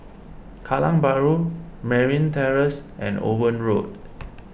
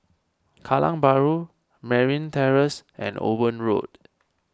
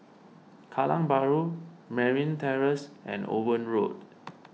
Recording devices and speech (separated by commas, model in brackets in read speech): boundary microphone (BM630), standing microphone (AKG C214), mobile phone (iPhone 6), read sentence